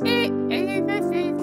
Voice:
high pitched